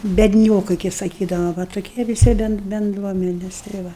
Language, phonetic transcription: Lithuanian, bedˈniokai kai saˈkydava va toˈkie viˈsi ˈben benˈdruomenes tai ˈva

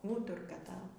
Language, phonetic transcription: Lithuanian, ˈūturka ˈtavo

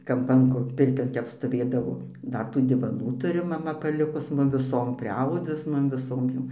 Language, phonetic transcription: Lithuanian, ˈkampan kur ˈpirkion ˈtep stoˈvėdavo ˈdar tų divaˈnų ˈturi maˈma paˈlikus ˈmum viˈsom priˈaudus ˈmum viˈsom jau

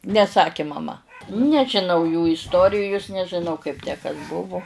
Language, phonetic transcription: Lithuanian, neˈsakė maˈma nežiˈnau jų isˈtorijus nežiˈnau kaip tę ˈkas ˈbuvu

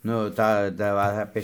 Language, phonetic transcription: Lithuanian, ˈnu ˈtą da ˈva apė

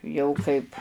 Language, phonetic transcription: Lithuanian, ˈjau kaip

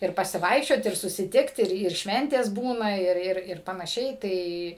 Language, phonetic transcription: Lithuanian, ir pasiˈvaikščiot ir susiˈtikt ˈir ir ˈšventės ˈbūna ˈir ˈir ir panaˈšiai ˈtai

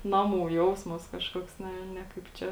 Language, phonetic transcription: Lithuanian, ˈnaˌmų ˈjausmas ˈkažkoks ˈne ˈne kaip ˈčia

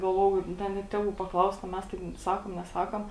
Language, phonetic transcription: Lithuanian, galˈvojau ˈda ˈnet tėˈvų paˈklaust a ˈmes ˈtaip ˈsakom neˈsakom

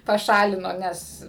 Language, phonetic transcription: Lithuanian, paˈšalino ˈnes

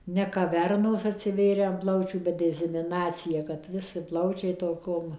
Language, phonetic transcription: Lithuanian, ne kaˈvernos atsiˈvėrę an ˈplaučių ˈbet dezimiˈnacija kad ˈvisi ˈplaučiai toˈkom

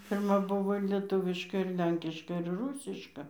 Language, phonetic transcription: Lithuanian, pirˈma ˈbuvo ir lieˈtuviška ir ˈlenkiška ir ˈrūsiška

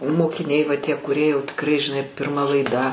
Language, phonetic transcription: Lithuanian, mokiˈniai va tie kuˈrie jau tikˈrai žiˈnai pirˈma laiˈda

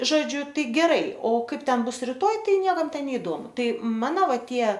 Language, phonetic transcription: Lithuanian, ˈžodžiu ˈtai geˈrai o ˈkaip ˈten ˈbus riˈtoj ˈtai ˈniekam ˈten neiˈdomu ˈtai ˈmano ˈva ˈtie

